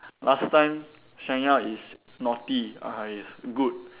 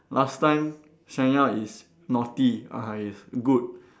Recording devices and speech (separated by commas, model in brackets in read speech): telephone, standing microphone, conversation in separate rooms